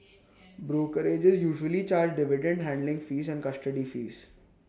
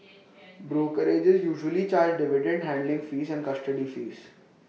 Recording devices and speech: standing microphone (AKG C214), mobile phone (iPhone 6), read sentence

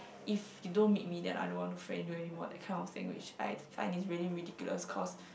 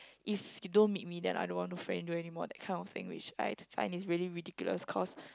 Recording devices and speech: boundary microphone, close-talking microphone, conversation in the same room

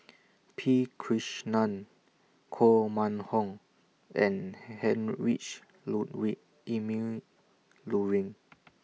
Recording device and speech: mobile phone (iPhone 6), read sentence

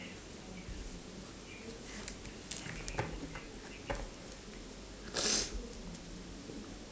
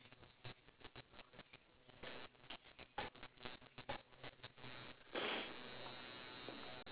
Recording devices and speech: standing microphone, telephone, conversation in separate rooms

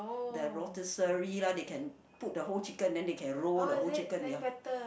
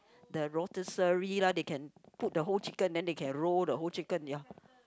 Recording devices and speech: boundary microphone, close-talking microphone, conversation in the same room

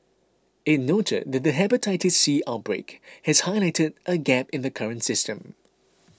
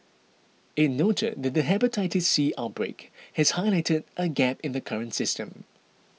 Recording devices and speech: close-talking microphone (WH20), mobile phone (iPhone 6), read sentence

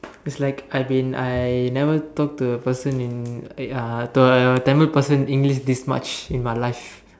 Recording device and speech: standing microphone, conversation in separate rooms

